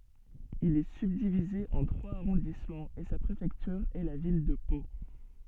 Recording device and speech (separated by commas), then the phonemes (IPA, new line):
soft in-ear microphone, read sentence
il ɛ sybdivize ɑ̃ tʁwaz aʁɔ̃dismɑ̃z e sa pʁefɛktyʁ ɛ la vil də po